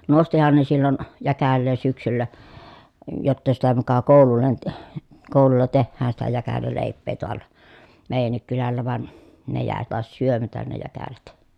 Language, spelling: Finnish, nostihan ne silloin jäkälää syksyllä jotta sitä muka koululle - koululla tehdään sitä jäkäläleipää taalla meidänkin kylällä vaan ne jäi taas syömättä ne jäkälät
- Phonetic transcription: nostihan ne sillon , jäkällee syksyllä , jotta sitä muka kòulullen t- , kòululla tehhään sitä jäkälälèip̆pee toal̀a , mèi̮jännik kylällä van , ne jä̀e tàes syömätän ne jäkälät .

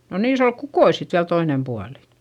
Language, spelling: Finnish, no niissä oli kukkoja sitten vielä toinen puoli
- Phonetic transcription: no niis ‿ol kukoi sit viäl toinem pualI .

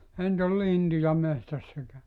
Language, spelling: Finnish, eihän nyt ole lintuja metsässä eikä
- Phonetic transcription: 'ehä ‿nt ‿ol "lintuja 'mehtäss ‿ekä ,.

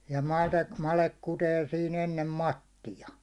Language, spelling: Finnish, ja - made kutee siinä ennen mattia
- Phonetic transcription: ja 'madek- , 'malek kutee sii'n ‿ennem "mattija .

